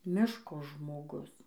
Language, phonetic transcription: Lithuanian, ˈmiško žmoˈgus

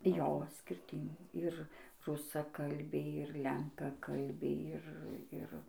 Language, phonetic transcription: Lithuanian, ˈjo skirˈtin ir rusaˈkalbiai ir ˈlenkakalbiai ˈir ˈir

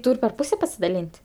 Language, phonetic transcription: Lithuanian, ˈtūr' per ˈpūse pasidaˈlyn't'

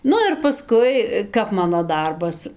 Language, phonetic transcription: Lithuanian, ˈnu ir paˈskui ˈkap ˈmano ˈdarbas

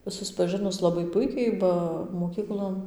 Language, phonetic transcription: Lithuanian, suspaˈžɨnus ˌlabai ˈpuikiai ˈba moˈkyklon

